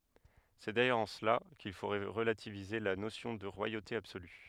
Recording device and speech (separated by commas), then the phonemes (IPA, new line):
headset microphone, read sentence
sɛ dajœʁz ɑ̃ səla kil fo ʁəlativize la nosjɔ̃ də ʁwajote absoly